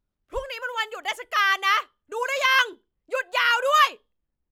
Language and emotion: Thai, angry